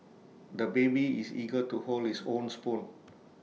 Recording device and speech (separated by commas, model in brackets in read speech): mobile phone (iPhone 6), read sentence